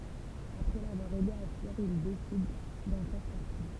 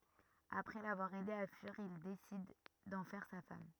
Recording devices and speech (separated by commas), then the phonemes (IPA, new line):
temple vibration pickup, rigid in-ear microphone, read sentence
apʁɛ lavwaʁ ɛde a fyiʁ il desid dɑ̃ fɛʁ sa fam